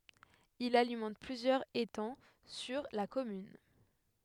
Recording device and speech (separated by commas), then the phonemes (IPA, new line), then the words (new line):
headset microphone, read sentence
il alimɑ̃t plyzjœʁz etɑ̃ syʁ la kɔmyn
Il alimente plusieurs étangs sur la commune.